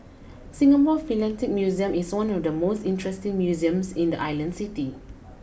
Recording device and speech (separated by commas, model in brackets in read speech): boundary microphone (BM630), read sentence